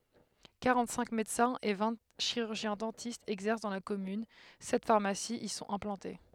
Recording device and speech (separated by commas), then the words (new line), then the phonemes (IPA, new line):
headset microphone, read sentence
Quarante-cinq médecins et vingt chirurgiens-dentistes exercent dans la commune, sept pharmacies y sont implantés.
kaʁɑ̃tsɛ̃k medəsɛ̃z e vɛ̃ ʃiʁyʁʒjɛ̃zdɑ̃tistz ɛɡzɛʁs dɑ̃ la kɔmyn sɛt faʁmasiz i sɔ̃t ɛ̃plɑ̃te